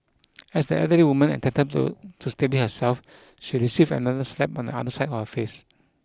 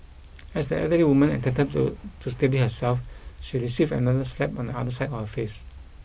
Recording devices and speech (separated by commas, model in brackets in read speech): close-talking microphone (WH20), boundary microphone (BM630), read sentence